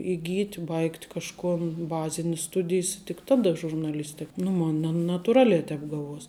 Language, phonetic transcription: Lithuanian, įˈgyt' ˈbaigt' kažˈkon ˈbazinis ˈstudijs tik ˈtaˌda žurnaˈlistik nu ˈmon' na natuˈraliā ˈtēp ˈgaˌvuos'

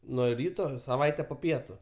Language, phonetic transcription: Lithuanian, ˈnuo ˈryto saˈvaite po ˈpietu

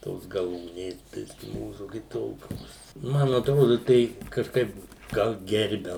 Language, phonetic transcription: Lithuanian, ˈtos gaˈlūnės ˈbiski ˈmūsu kiˈtokios ˈman atˈrodu tei kažˈkaip ˈgal ˈgerbia

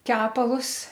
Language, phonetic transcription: Lithuanian, ˈkepalus

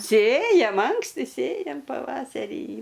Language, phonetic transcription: Lithuanian, ˈsėjam ˈanksti ˈsėjam paˈvaserį

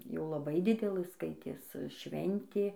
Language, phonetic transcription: Lithuanian, jau laˈbai ˈdidelɘ ˈskaitės ˈšventė

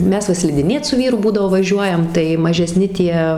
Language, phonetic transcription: Lithuanian, ˈmes va slidiˈnėt su ˈvyru ˈbūdavo vaˈžiuojam tai mažeˈsni ˈtie

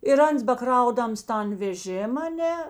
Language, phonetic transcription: Lithuanian, ir ˈans baˈkraudams ˈtan veˈžėm aˈne

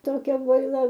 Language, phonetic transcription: Lithuanian, toˈkia boiˈla

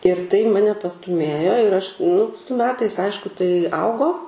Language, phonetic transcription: Lithuanian, ir tai ˈmane pastuˈmėjo ir aš nu su metais ˈaišku tai ˈaugo

